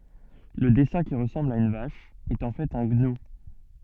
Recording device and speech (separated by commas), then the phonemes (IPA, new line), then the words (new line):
soft in-ear microphone, read sentence
lə dɛsɛ̃ ki ʁəsɑ̃bl a yn vaʃ ɛt ɑ̃ fɛt œ̃ ɡnu
Le dessin qui ressemble à une vache est en fait un gnou.